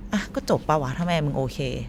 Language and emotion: Thai, frustrated